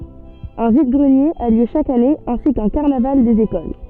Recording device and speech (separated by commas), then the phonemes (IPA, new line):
soft in-ear microphone, read sentence
œ̃ vid ɡʁənjez a ljø ʃak ane ɛ̃si kœ̃ kaʁnaval dez ekol